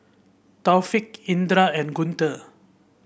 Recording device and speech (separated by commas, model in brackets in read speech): boundary microphone (BM630), read sentence